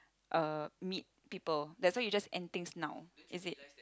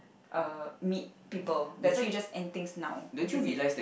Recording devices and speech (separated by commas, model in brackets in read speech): close-talking microphone, boundary microphone, conversation in the same room